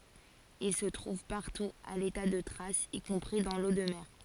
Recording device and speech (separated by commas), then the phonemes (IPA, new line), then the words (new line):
forehead accelerometer, read sentence
il sə tʁuv paʁtu a leta də tʁasz i kɔ̃pʁi dɑ̃ lo də mɛʁ
Il se trouve partout à l'état de traces, y compris dans l'eau de mer.